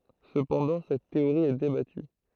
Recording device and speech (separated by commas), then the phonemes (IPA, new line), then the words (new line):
throat microphone, read sentence
səpɑ̃dɑ̃ sɛt teoʁi ɛ debaty
Cependant, cette théorie est débattue.